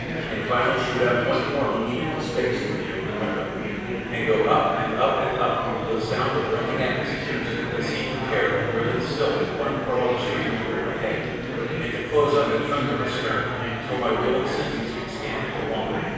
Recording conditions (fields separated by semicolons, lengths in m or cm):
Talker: one person; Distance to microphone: 7.1 m; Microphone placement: far; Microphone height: 1.7 m; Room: very reverberant, large; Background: babble